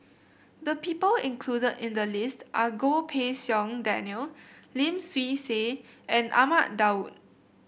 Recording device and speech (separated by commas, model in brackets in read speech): boundary microphone (BM630), read sentence